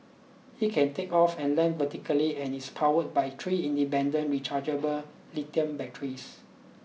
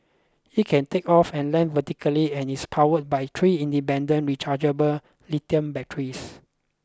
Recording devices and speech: mobile phone (iPhone 6), close-talking microphone (WH20), read sentence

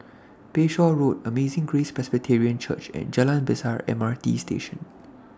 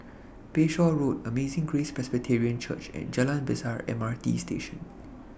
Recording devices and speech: standing microphone (AKG C214), boundary microphone (BM630), read sentence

